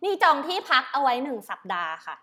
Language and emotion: Thai, angry